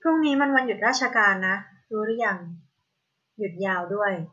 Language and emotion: Thai, neutral